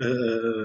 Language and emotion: Thai, neutral